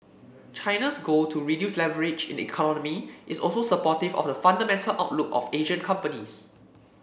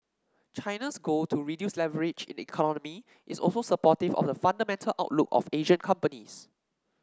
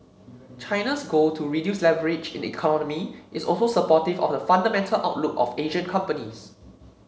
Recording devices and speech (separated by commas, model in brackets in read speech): boundary microphone (BM630), standing microphone (AKG C214), mobile phone (Samsung C7), read sentence